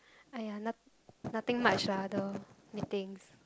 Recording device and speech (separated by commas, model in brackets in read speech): close-talking microphone, conversation in the same room